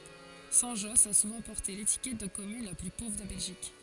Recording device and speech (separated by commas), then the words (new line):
forehead accelerometer, read sentence
Saint-Josse a souvent porté l'étiquette de commune la plus pauvre de Belgique.